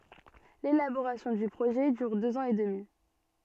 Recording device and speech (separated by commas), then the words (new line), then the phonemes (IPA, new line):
soft in-ear microphone, read sentence
L’élaboration du projet dure deux ans et demi.
lelaboʁasjɔ̃ dy pʁoʒɛ dyʁ døz ɑ̃z e dəmi